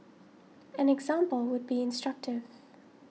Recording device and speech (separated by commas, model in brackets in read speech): mobile phone (iPhone 6), read sentence